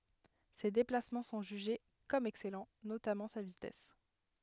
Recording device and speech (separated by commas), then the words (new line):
headset microphone, read sentence
Ses déplacements sont jugés comme excellents, notamment sa vitesse.